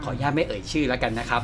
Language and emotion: Thai, neutral